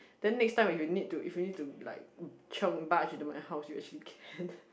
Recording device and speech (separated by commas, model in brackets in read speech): boundary microphone, conversation in the same room